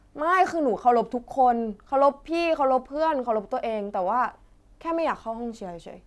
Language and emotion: Thai, frustrated